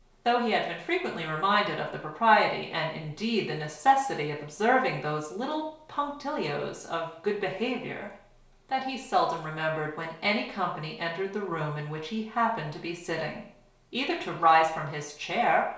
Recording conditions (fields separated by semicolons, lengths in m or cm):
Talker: one person; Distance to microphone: 1.0 m; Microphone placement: close; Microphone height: 1.1 m; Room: small (3.7 m by 2.7 m); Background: none